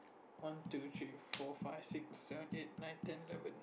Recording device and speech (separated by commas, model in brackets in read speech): boundary microphone, conversation in the same room